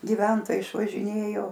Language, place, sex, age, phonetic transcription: Lithuanian, Aukštaitija, female, 60+, giˈventojai išvažiˈnėjo

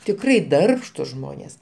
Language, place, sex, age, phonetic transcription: Lithuanian, Aukštaitija, male, 60+, tikˈrai ˈdarbštus ˈžmonės

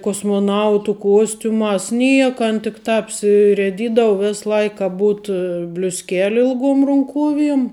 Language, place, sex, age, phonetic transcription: Lithuanian, Žemaitija, female, 18-60, kosmoˈnautu ˈkuostiumās ˈnieka ˈan tik ˈtāp apsirieˈdydav ˈves ˈlaik ka ˈbūt bliusˈkeli ilˈgom runˈkuoviem

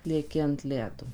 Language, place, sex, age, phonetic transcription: Lithuanian, Suvalkija, female, 18-60, lieˈki ant ˈledo

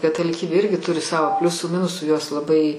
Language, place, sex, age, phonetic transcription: Lithuanian, Aukštaitija, female, 60+, kataliˈkybė ˈirgi ˈturi ˈsavo ˈpliusų ˈminusų jos laˈbai

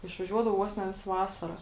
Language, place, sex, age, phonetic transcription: Lithuanian, Žemaitija, female, 18-60, išvaˈžiuodavo ˈvos ne ˈvisa ˈvasara

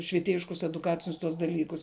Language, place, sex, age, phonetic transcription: Lithuanian, Žemaitija, female, 18-60, švieˈtėjiškus eduˈkacinius tuos daˈlykus

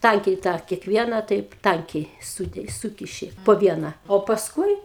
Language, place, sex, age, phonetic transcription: Lithuanian, Aukštaitija, female, 60+, ˈtankiai tą kekˈvieną taip ˈtankiai ˈsūki ˈsūkiši po ˈviena o pasˈkui

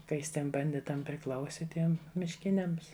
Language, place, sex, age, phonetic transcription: Lithuanian, Žemaitija, female, 60+, ka ˈjis ˈtiem banˈditam priˈklausi ˈtiem mišˈkiniams

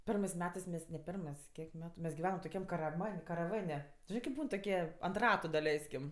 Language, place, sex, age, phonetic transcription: Lithuanian, Aukštaitija, female, 18-60, ˈpermɜs ˈmetɜs mes ne ˈpirmɜs ˈkiek ˈmetu mes giˈvenam toˈkiam karaˈman' karaˈvan' tu ˈžinɜ kip ˈbūn toˈkie ant ˈratu daˈleiskim

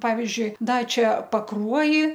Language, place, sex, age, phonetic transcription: Lithuanian, Aukštaitija, female, 60+, ˈpavizdžiui ˈda ˈčia paˈkruoji

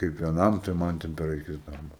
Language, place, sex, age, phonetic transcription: Lithuanian, Aukštaitija, male, 18-60, kaip vieˈnam tai ˈman ˈten per aˈkis ˈdarbo

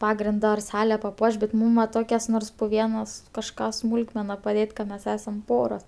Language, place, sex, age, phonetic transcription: Lithuanian, Aukštaitija, female, 18-60, ˈpagrinda ar ˈsale paˈpuoš bet ˈmūm va ˈtokias ˈnors pu ˈvienas kažˈką ˈsmūlkmena paˈdėt' ka ˈmes ˈesam ˈporos

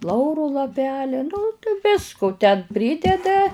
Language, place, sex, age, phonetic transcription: Lithuanian, Žemaitija, female, 60+, ˈlauru laˈpelia nu t ˈvisku ten ˈprydeda

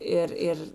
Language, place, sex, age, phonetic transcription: Lithuanian, Žemaitija, female, 60+, ˈir ˈir

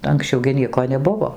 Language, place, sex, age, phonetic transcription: Lithuanian, Dzūkija, female, 60+, anksˈčiau gi ˈnieko neˈbuvo

